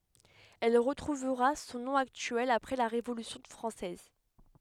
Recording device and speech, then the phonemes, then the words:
headset microphone, read sentence
ɛl ʁətʁuvʁa sɔ̃ nɔ̃ aktyɛl apʁɛ la ʁevolysjɔ̃ fʁɑ̃sɛz
Elle retrouvera son nom actuel après la Révolution française.

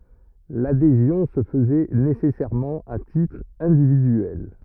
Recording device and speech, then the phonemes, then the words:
rigid in-ear microphone, read sentence
ladezjɔ̃ sə fəzɛ nesɛsɛʁmɑ̃ a titʁ ɛ̃dividyɛl
L'adhésion se faisait nécessairement à titre individuel.

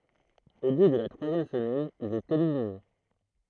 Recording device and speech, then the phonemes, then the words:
throat microphone, read sentence
o bu də la tʁwazjɛm səmɛn il ɛt elimine
Au bout de la troisième semaine, il est éliminé.

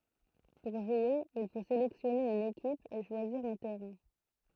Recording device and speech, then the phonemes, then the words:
throat microphone, read sentence
puʁ ʒwe il fo selɛksjɔne yn ekip e ʃwaziʁ œ̃ tɛʁɛ̃
Pour jouer, il faut sélectionner une équipe, et choisir un terrain.

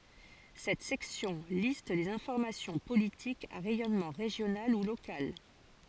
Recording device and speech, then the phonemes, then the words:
forehead accelerometer, read sentence
sɛt sɛksjɔ̃ list le fɔʁmasjɔ̃ politikz a ʁɛjɔnmɑ̃ ʁeʒjonal u lokal
Cette section liste les formations politiques à rayonnement régional ou local.

